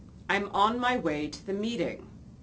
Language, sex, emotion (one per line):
English
female
neutral